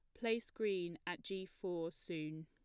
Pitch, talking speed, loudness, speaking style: 180 Hz, 160 wpm, -43 LUFS, plain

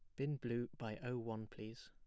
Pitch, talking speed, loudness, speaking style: 120 Hz, 215 wpm, -45 LUFS, plain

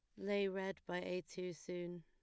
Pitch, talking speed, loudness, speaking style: 180 Hz, 200 wpm, -43 LUFS, plain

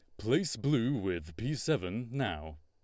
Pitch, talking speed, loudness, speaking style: 115 Hz, 150 wpm, -33 LUFS, Lombard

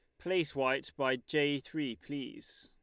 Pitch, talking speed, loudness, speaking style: 140 Hz, 150 wpm, -34 LUFS, Lombard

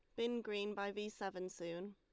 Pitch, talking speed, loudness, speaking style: 200 Hz, 210 wpm, -44 LUFS, Lombard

